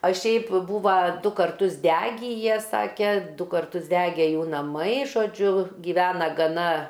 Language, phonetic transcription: Lithuanian, a ˈšiaip ˈbūva ˈdu karˈtus ˈdegy ˈjie ˈsake ˈdu karˈtus ˈdege ˈjų naˈmai žoˈdžiu giˈvena gaˈna

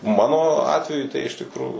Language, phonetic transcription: Lithuanian, ˈmano ˈatveju tai iš tikˈrųjų

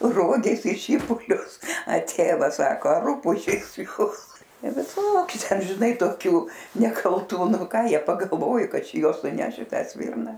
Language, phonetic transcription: Lithuanian, ˈrogės i ˈšypulius a ˈtėvas ˈsako a ˈrūpužės ˈjūs viˈsokiu ˈten ˈžinai toˈkių nekalˈtų ˈnu ˈką ˈjie pagalˈvoju ˈkad ˈčia ˈjuos nuˈneš i ˈtą ˈsvirna

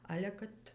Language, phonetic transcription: Lithuanian, ˈale kad

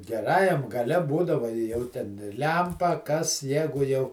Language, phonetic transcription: Lithuanian, geˈrajam gaˈle ˈbūdava i ˈjau ten ˈlempa kas ˈjegu jau

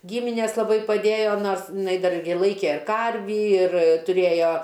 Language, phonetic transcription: Lithuanian, ˈgyminės laˈbai paˈdėjo ˈnors iˈnai ˈdar ir ˈlaikė ˈkarvį ir tuˈrėjo

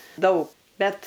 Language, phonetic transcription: Lithuanian, ˈdaug ˈbet

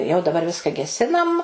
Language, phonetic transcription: Lithuanian, jau daˈbar ˈviska geˈsinam

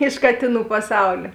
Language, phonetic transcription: Lithuanian, iš ˈkatėˌnų paˈsaulė

